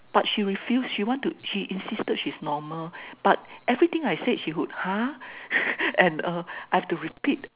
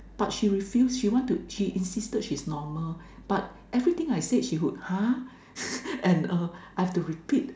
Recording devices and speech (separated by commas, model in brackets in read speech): telephone, standing microphone, conversation in separate rooms